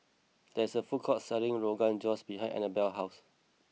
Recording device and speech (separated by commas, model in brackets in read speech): mobile phone (iPhone 6), read sentence